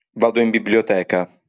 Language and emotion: Italian, neutral